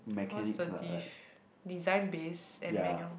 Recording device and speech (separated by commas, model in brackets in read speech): boundary microphone, conversation in the same room